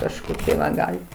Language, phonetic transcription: Lithuanian, kažˈkokie va ˈgalit

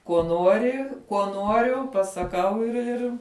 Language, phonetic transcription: Lithuanian, kuo ˈnuori kuo ˈnuoriu pasaˈkau ir ˈir

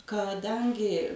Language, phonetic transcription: Lithuanian, kaˈdangi

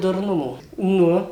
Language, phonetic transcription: Lithuanian, durˈnumo ˈnu

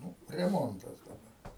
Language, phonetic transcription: Lithuanian, ˈnu reˈmontas daˈba

